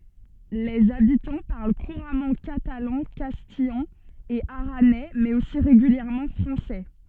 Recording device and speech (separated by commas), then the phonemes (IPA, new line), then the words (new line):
soft in-ear microphone, read sentence
lez abitɑ̃ paʁl kuʁamɑ̃ katalɑ̃ kastijɑ̃ e aʁanɛ mɛz osi ʁeɡyljɛʁmɑ̃ fʁɑ̃sɛ
Les habitants parlent couramment catalan, castillan et aranais, mais aussi régulièrement français.